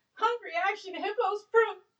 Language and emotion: English, sad